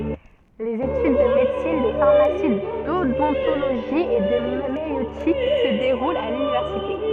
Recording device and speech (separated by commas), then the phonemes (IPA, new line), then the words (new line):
soft in-ear microphone, read sentence
lez etyd də medəsin də faʁmasi dodɔ̃toloʒi e də majøtik sə deʁult a lynivɛʁsite
Les études de médecine, de pharmacie, d'odontologie et de maïeutique se déroulent à l’université.